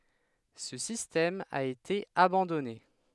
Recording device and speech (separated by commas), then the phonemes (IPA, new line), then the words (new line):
headset microphone, read sentence
sə sistɛm a ete abɑ̃dɔne
Ce système a été abandonné.